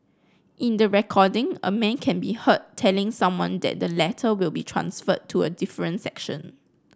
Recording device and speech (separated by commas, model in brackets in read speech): close-talking microphone (WH30), read sentence